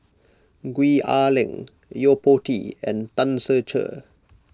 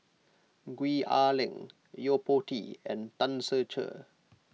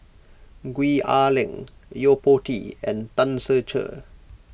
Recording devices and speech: close-talking microphone (WH20), mobile phone (iPhone 6), boundary microphone (BM630), read sentence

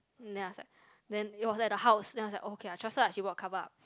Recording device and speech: close-talking microphone, conversation in the same room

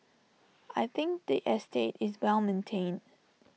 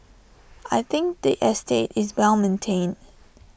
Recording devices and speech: mobile phone (iPhone 6), boundary microphone (BM630), read sentence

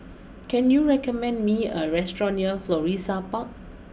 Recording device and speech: boundary microphone (BM630), read sentence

